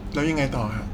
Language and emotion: Thai, neutral